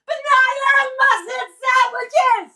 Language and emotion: English, disgusted